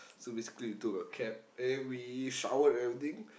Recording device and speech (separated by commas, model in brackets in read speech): boundary microphone, conversation in the same room